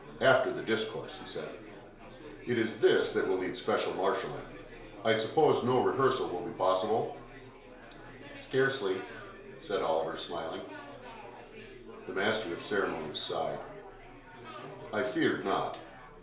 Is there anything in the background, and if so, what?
Crowd babble.